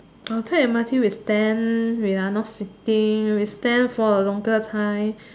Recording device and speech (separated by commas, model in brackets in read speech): standing microphone, conversation in separate rooms